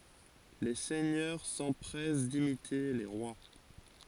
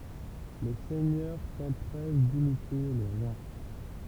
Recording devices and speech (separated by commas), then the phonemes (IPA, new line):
forehead accelerometer, temple vibration pickup, read sentence
le sɛɲœʁ sɑ̃pʁɛs dimite le ʁwa